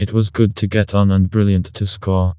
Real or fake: fake